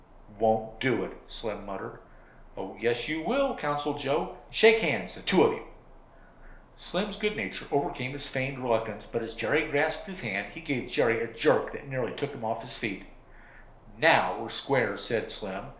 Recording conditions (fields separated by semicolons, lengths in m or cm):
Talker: one person; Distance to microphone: 1.0 m; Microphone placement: close; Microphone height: 1.1 m; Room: small (3.7 m by 2.7 m); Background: none